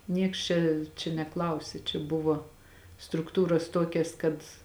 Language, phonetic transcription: Lithuanian, ˈnieks čia čia neˈklausė čia ˈbuvo strukˈtūras ˈtuokias kad

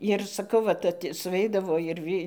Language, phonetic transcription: Lithuanian, ir saˈkau ˈvat at suˈveidavo ir ˈvy

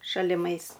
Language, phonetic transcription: Lithuanian, šaliˈmais

